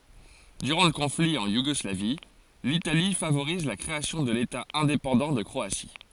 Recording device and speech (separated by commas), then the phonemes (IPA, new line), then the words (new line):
forehead accelerometer, read sentence
dyʁɑ̃ lə kɔ̃fli ɑ̃ juɡɔslavi litali favoʁiz la kʁeasjɔ̃ də leta ɛ̃depɑ̃dɑ̃ də kʁoasi
Durant le conflit, en Yougoslavie, l'Italie favorise la création de l'État indépendant de Croatie.